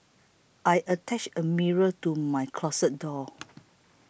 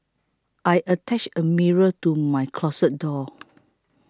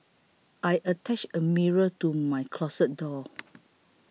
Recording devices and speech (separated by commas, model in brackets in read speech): boundary microphone (BM630), close-talking microphone (WH20), mobile phone (iPhone 6), read sentence